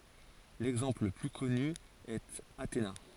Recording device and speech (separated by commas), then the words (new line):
forehead accelerometer, read sentence
L'exemple le plus connu est Athéna.